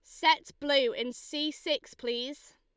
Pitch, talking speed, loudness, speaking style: 290 Hz, 155 wpm, -30 LUFS, Lombard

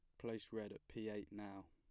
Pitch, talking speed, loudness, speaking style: 105 Hz, 240 wpm, -50 LUFS, plain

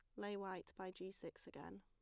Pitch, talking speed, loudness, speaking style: 185 Hz, 225 wpm, -51 LUFS, plain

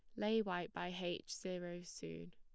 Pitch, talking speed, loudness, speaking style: 175 Hz, 170 wpm, -43 LUFS, plain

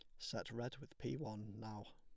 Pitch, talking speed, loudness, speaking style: 110 Hz, 210 wpm, -48 LUFS, plain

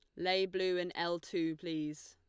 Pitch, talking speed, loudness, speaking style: 170 Hz, 190 wpm, -36 LUFS, Lombard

